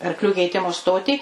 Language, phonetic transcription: Lithuanian, arkˈlių keiˈtimu ˈstotį

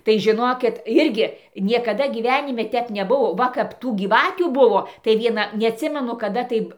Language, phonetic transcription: Lithuanian, tai žiˈnokit ˈirgi niekaˈda gyˈvenime ˈtep neˈbuo ˈva kap ˈtų gyˈvatių ˈbuvo tai ˈviena neatˈsimenu kaˈda taip

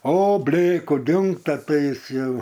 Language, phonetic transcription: Lithuanian, o ˈblėku ˈdingta ˈtai ˈjis ˈjau

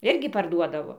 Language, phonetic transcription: Lithuanian, ˈirgi parˈduodavo

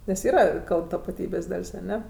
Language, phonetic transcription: Lithuanian, nes ˈyra ˈkalb tapaˈtybės' ˈdal's' aˈne

